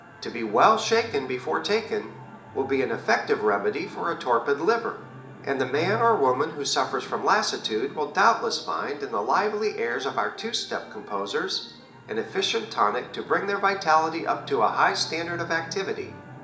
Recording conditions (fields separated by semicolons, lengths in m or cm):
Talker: one person; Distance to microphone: 1.8 m; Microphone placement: close; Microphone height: 1.0 m; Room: large; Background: television